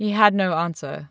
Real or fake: real